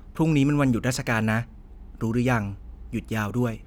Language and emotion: Thai, neutral